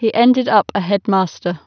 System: none